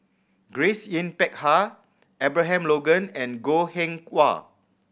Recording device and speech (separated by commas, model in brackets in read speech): boundary microphone (BM630), read sentence